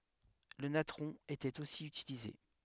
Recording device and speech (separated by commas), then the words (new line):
headset microphone, read sentence
Le natron était aussi utilisé.